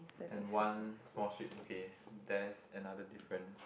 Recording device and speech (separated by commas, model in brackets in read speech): boundary microphone, conversation in the same room